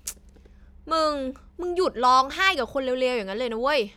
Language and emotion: Thai, frustrated